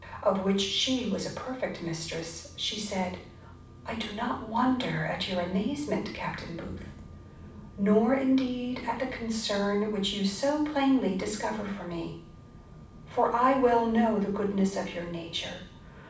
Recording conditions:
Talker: one person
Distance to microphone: 5.8 m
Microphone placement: far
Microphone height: 1.8 m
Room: medium-sized (5.7 m by 4.0 m)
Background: none

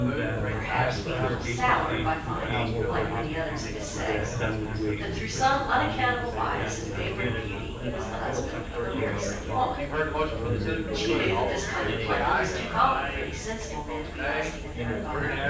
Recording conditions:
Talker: one person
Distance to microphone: 9.8 m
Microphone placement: far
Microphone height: 1.8 m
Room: large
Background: babble

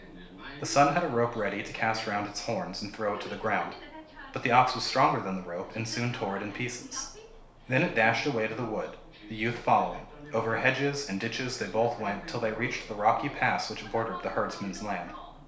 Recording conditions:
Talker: one person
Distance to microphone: 1.0 m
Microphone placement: close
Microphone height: 1.1 m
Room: small (3.7 m by 2.7 m)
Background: television

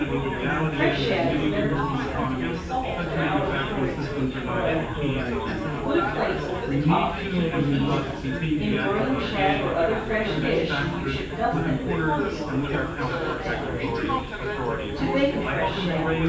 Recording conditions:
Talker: one person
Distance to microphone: 9.8 m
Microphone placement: far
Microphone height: 1.8 m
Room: large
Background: babble

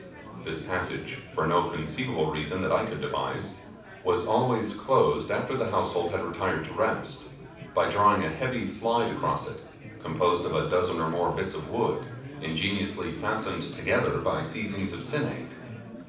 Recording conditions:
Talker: one person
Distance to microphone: 5.8 m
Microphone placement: far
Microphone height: 1.8 m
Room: medium-sized (5.7 m by 4.0 m)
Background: babble

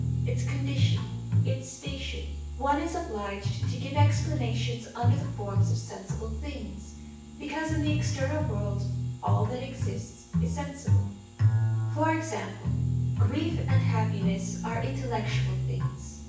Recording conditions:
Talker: one person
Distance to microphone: 9.8 m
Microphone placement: far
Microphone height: 1.8 m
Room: large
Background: music

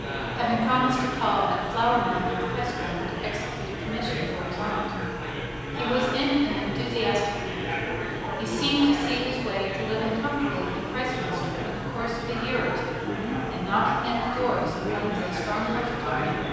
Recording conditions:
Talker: one person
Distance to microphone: 7.1 m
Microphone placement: far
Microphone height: 1.7 m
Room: very reverberant, large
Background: babble

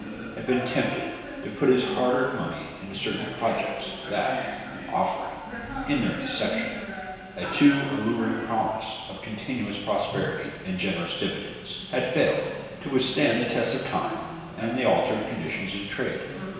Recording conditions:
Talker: one person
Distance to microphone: 1.7 m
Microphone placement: close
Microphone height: 1.0 m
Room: very reverberant, large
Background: television

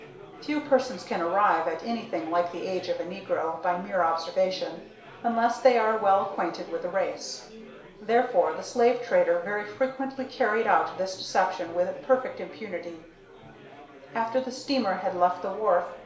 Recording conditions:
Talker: one person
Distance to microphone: 1.0 m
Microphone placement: close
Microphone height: 1.1 m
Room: small (3.7 m by 2.7 m)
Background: babble

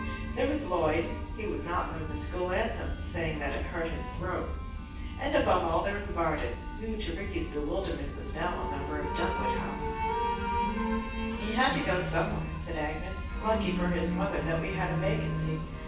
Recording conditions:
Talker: one person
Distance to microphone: 9.8 m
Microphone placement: far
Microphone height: 1.8 m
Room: large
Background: music

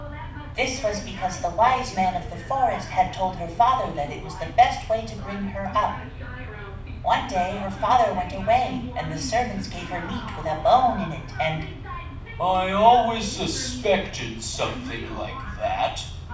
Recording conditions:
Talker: one person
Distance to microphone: 5.8 m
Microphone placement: far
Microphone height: 1.8 m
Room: medium-sized (5.7 m by 4.0 m)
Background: television

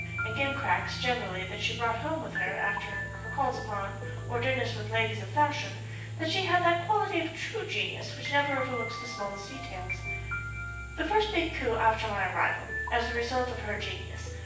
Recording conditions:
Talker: one person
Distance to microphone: 9.8 m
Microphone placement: far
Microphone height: 1.8 m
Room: large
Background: music

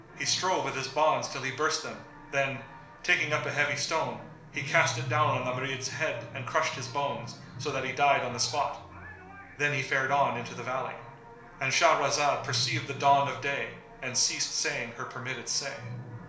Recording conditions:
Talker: one person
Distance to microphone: 1.0 m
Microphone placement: close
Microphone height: 1.1 m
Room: small (3.7 m by 2.7 m)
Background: television

